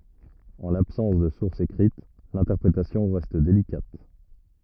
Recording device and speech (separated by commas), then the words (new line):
rigid in-ear microphone, read sentence
En l'absence de sources écrites, l'interprétation reste délicate.